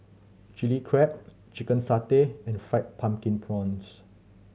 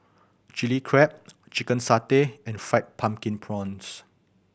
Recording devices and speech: mobile phone (Samsung C7100), boundary microphone (BM630), read sentence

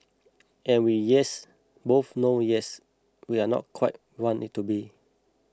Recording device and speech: close-talking microphone (WH20), read sentence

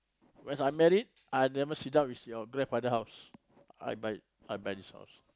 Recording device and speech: close-talking microphone, conversation in the same room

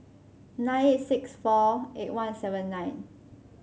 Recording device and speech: mobile phone (Samsung C5), read sentence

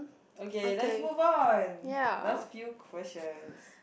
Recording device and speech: boundary microphone, conversation in the same room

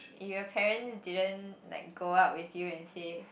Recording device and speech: boundary microphone, conversation in the same room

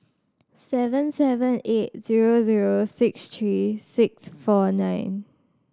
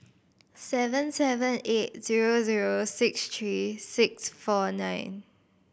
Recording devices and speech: standing microphone (AKG C214), boundary microphone (BM630), read sentence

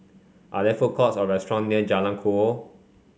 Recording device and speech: mobile phone (Samsung C5), read sentence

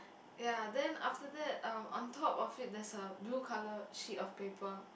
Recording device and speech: boundary microphone, conversation in the same room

